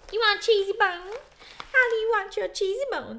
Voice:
goofy voice